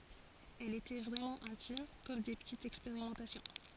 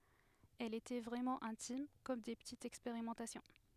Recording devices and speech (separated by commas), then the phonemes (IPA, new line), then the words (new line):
forehead accelerometer, headset microphone, read sentence
ɛlz etɛ vʁɛmɑ̃ ɛ̃tim kɔm de pətitz ɛkspeʁimɑ̃tasjɔ̃
Elles étaient vraiment intimes, comme des petites expérimentations.